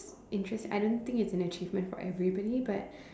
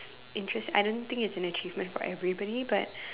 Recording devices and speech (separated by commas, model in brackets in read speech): standing microphone, telephone, conversation in separate rooms